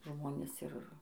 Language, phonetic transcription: Lithuanian, ˈžmonės ˈir

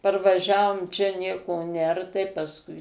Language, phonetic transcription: Lithuanian, parvaˈžiavom čia ˈnieko ˈner tai pasˈkui

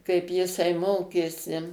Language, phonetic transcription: Lithuanian, kaip jiˈsai ˈmokėsi

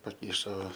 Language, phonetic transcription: Lithuanian, paˈkišo

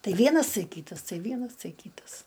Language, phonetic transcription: Lithuanian, ˈtai ˈvienas ˈtai ˈkytas ˈtai ˈvienas ˈtai ˈkytas

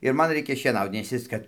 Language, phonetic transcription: Lithuanian, ir ˈman ˈreikia šieˈnaut nes ˈjis kad

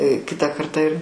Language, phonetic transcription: Lithuanian, ˈkita ˈkartą ir

